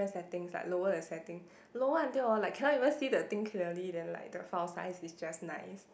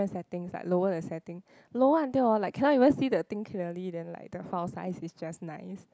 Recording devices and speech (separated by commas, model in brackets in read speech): boundary microphone, close-talking microphone, conversation in the same room